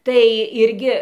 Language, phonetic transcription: Lithuanian, tai ˈirgi

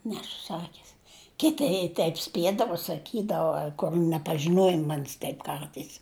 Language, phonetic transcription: Lithuanian, ˈnesu ˈsakis ˈkiti i ˈteip ˈspiedavo saˈkydavo kol' nepažiˈnuoji ˈman's' ˈteip ˈkartais

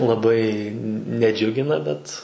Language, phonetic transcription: Lithuanian, laˈbai neˈdžiugina ˈbet

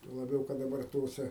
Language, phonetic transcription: Lithuanian, tuo laˈbiau kad daˈbar ˈtose

